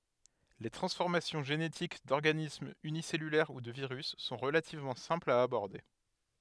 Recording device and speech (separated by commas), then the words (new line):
headset microphone, read sentence
Les transformations génétiques d'organismes unicellulaires ou de virus sont relativement simples à aborder.